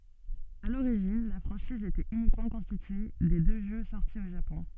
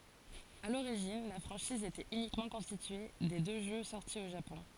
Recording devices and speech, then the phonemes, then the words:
soft in-ear microphone, forehead accelerometer, read sentence
a loʁiʒin la fʁɑ̃ʃiz etɛt ynikmɑ̃ kɔ̃stitye de dø ʒø sɔʁti o ʒapɔ̃
À l'origine, la franchise était uniquement constituée des deux jeux sortis au Japon.

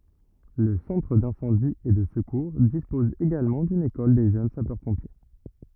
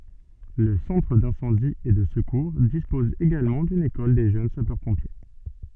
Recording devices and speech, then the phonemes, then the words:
rigid in-ear microphone, soft in-ear microphone, read sentence
lə sɑ̃tʁ dɛ̃sɑ̃di e də səkuʁ dispɔz eɡalmɑ̃ dyn ekɔl de ʒøn sapœʁpɔ̃pje
Le Centre d'Incendie et de Secours dispose également d'une école des Jeunes Sapeurs-Pompiers.

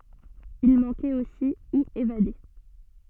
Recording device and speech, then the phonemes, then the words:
soft in-ear microphone, read sentence
il mɑ̃kɛt osi u evade
Il manquait aussi ou évadés.

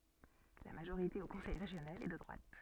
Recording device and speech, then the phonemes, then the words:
soft in-ear microphone, read sentence
la maʒoʁite o kɔ̃sɛj ʁeʒjonal ɛ də dʁwat
La majorité au conseil régional est de droite.

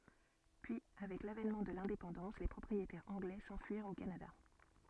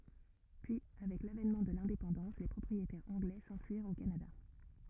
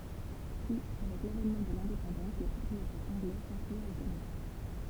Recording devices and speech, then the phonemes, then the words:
soft in-ear microphone, rigid in-ear microphone, temple vibration pickup, read sentence
pyi avɛk lavɛnmɑ̃ də lɛ̃depɑ̃dɑ̃s le pʁɔpʁietɛʁz ɑ̃ɡlɛ sɑ̃fyiʁt o kanada
Puis avec l'avènement de l'indépendance les propriétaires anglais s'enfuirent au Canada.

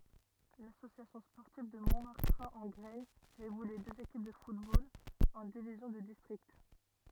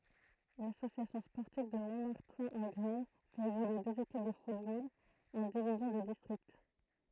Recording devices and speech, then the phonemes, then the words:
rigid in-ear microphone, throat microphone, read sentence
lasosjasjɔ̃ spɔʁtiv də mɔ̃maʁtɛ̃ ɑ̃ ɡʁɛɲ fɛt evolye døz ekip də futbol ɑ̃ divizjɔ̃ də distʁikt
L'Association sportive de Montmartin-en-Graignes fait évoluer deux équipes de football en divisions de district.

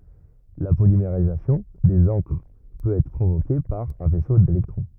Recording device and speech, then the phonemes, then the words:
rigid in-ear microphone, read sentence
la polimeʁizasjɔ̃ dez ɑ̃kʁ pøt ɛtʁ pʁovoke paʁ œ̃ fɛso delɛktʁɔ̃
La polymérisation des encres peut être provoquée par un faisceau d'électrons.

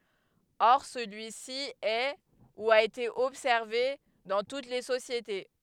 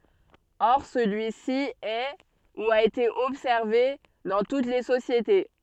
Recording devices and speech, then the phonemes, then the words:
headset microphone, soft in-ear microphone, read sentence
ɔʁ səlyi si ɛ u a ete ɔbsɛʁve dɑ̃ tut le sosjete
Or, celui-ci est, ou a été observé, dans toutes les sociétés.

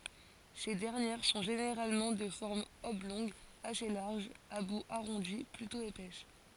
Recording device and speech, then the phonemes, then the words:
forehead accelerometer, read sentence
se dɛʁnjɛʁ sɔ̃ ʒeneʁalmɑ̃ də fɔʁm ɔblɔ̃ɡ ase laʁʒ a bu aʁɔ̃di plytɔ̃ epɛs
Ces dernières sont généralement de forme oblongue assez large, à bout arrondi, plutôt épaisses.

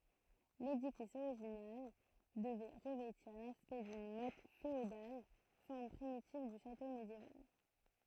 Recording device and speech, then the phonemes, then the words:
throat microphone, read sentence
ledifis oʁiʒinal dəvɛ ʁəvɛtiʁ laspɛkt dyn mɔt feodal fɔʁm pʁimitiv dy ʃato medjeval
L'édifice original devait revêtir l'aspect d'une motte féodale, forme primitive du château médiéval.

